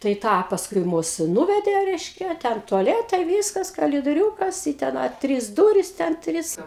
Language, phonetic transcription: Lithuanian, tai ˈtą pasˈkui ˈmus ˈnuvedė ˈreiškia ˈten tuaˈletai ˈvyskas kalidoˈriūkas i ten ˈa ˈtrys ˈdūris ten ˈtris

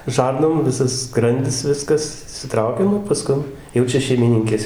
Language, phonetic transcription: Lithuanian, ˈžarnom ˈvisas ˈskrandis ˈviskas išsiˈtraukia ˈnu paˈskun ˈjau čia šeimiˈninkės

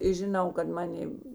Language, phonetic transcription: Lithuanian, i žiˈnau kad ˈmanė

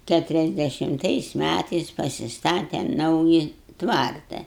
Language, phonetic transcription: Lithuanian, ˌkæturiasdešimˈtais ˈmætais pasisˈtatem ˈnauji ˈtvarta

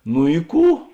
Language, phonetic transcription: Lithuanian, nu i ˈkų

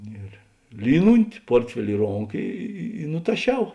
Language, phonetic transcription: Lithuanian, ˈir ˈlynunti ˈportfeli i ˈronka ˈi i i nutaˈšiau

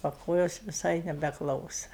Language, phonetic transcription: Lithuanian, o ˈkojos viˈsai nebeˈklausa

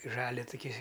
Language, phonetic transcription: Lithuanian, i ˈžalia tuˈky

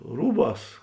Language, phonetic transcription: Lithuanian, ˈrūˌbās

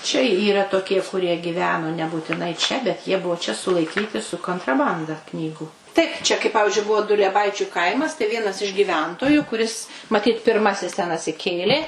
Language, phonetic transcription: Lithuanian, čia yˈra toˈkie kuˈrie giˈveno nebūtiˈnai ˈčia bet ˈjie ˈbuo čia sulaiˈkyti su kontraˈbanda ˈknygu ˈtaip čia kai ˈpavižiui ˈbuvo dulieˈbaičiu ˈkaimas tai ˈvienas iš gyˈventoju kuˈris maˈtyt pirˈmasis ten atsiˈkėlė

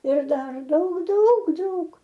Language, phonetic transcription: Lithuanian, ir ˈdar ˈdaug ˈdaug ˈdaug

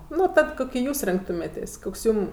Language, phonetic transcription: Lithuanian, ˈnu ˈtad ˈkuki ˈjūs ˈrinktumėtės' ˈkoks ˈjūm

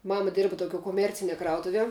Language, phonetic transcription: Lithuanian, ˈmama ˈdėrba toˈkiuo koˈmercinie ˈkrautuvie

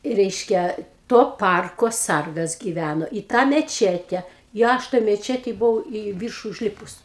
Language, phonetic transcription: Lithuanian, ˈreiškia ˈto ˈparko ˈsargas giˈvæno į tą meˈčete i ˈaš toj meˈčetėj buˈvau į ˈvyršu užˈlipus

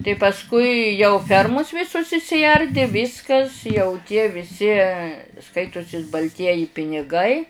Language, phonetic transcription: Lithuanian, tai pasˈkui jau ˈfermus ˈvisus išsiˈardi ˈviskas jau tie viˈsi ˈskaitusis balˈtieji piniˈgai

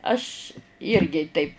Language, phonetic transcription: Lithuanian, ˈaš ˈirgi taip

